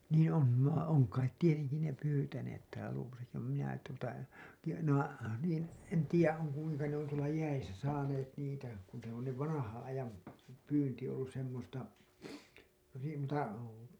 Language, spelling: Finnish, niin on - on kai tietenkin ne pyytäneet täällä Luodossakin vaan minä tuota tiedä ne on niin en tiedä on kuinka ne on tuolla jäissä saaneet niitä kun se on ne vanhan ajan pyynti ollut semmoista niin tuota
- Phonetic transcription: niin̬ ‿'on , va- , oŋ kait 'tieteŋki ne 'pyytäneet täälä 'Luovosaki vam minä , tuota , tiijä , ne ‿oo̰ , niin̬ , en 'tiijä , on̬ , kuiŋka ne ‿on tuola 'jäisä saaneet niitä , kun se ‿on ne 'vanahaa̰ 'ajam , 'pyynti ollus semmosta , (niin) tuota .

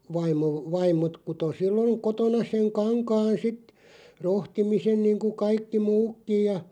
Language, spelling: Finnish, vaimo vaimot kutoi silloin kotona sen kankaan sitten rohtimisen niin kuin kaikki muutkin ja
- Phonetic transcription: 'vaim̆§mo , "vaim̆mot kuto 'silloŋ 'kotona seŋ 'kaŋkaan "sit , 'rohtimisen niiŋku 'kaikki "muukkiʲ ja ,.

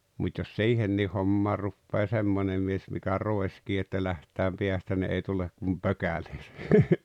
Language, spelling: Finnish, mutta jos siihenkin hommaan rupeaa semmoinen mies mikä roiskii että lähdetään päästä niin ei tule kuin pökäleitä
- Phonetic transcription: mut́ jos "siihennii 'hommaar̆ ruppee "semmonem mies mikä "roeskii että 'läht̀ääm 'peästä ni ei tulek kum "pokäʟᴇɪtᴀ̈ .

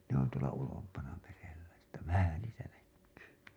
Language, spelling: Finnish, ne on tuolla ulompana merellä että vähän niitä näkyy
- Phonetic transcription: ne ‿on tuola ulompana merellä , että "vähä niitä näkkyy .

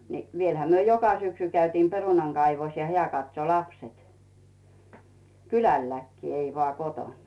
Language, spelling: Finnish, niin vielähän me joka syksy käytiin perunan kaivussa ja hän katsoi lapset kylälläkin ei vain kotona
- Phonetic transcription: ni , 'vielhä myö 'joka 'syksy käytiim "perunaŋ 'Gaivos ja "heä̀ katso 'lapset , "kylälläkkii ei vᵒà "kotoǹ .

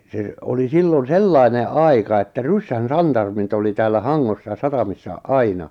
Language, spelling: Finnish, se oli silloin sellainen aika että ryssän santarmit oli täällä Hangossa satamissa aina
- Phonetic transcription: se , oli 'sillon "sellaine' "’aika että "ryssän "santarmit oli täällä "Haŋŋossa "satamissa "aina .

